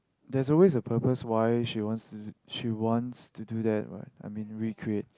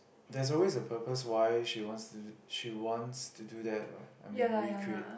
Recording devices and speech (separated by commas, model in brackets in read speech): close-talking microphone, boundary microphone, conversation in the same room